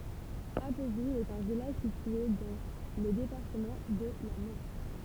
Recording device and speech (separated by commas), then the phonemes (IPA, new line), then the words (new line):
temple vibration pickup, read sentence
apvil ɛt œ̃ vilaʒ sitye dɑ̃ lə depaʁtəmɑ̃ də la mɑ̃ʃ
Appeville est un village situé dans le département de la Manche.